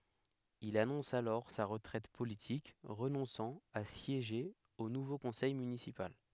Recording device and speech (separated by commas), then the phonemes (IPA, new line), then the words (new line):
headset microphone, read sentence
il anɔ̃s alɔʁ sa ʁətʁɛt politik ʁənɔ̃sɑ̃ a sjeʒe o nuvo kɔ̃sɛj mynisipal
Il annonce alors sa retraite politique, renonçant à siéger au nouveau conseil municipal.